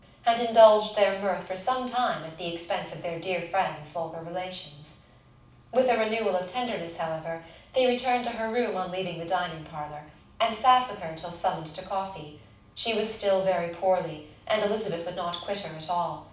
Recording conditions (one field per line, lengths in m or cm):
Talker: one person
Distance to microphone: 5.8 m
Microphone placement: far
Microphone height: 1.8 m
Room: medium-sized (5.7 m by 4.0 m)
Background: none